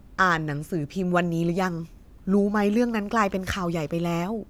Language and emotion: Thai, frustrated